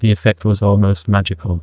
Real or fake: fake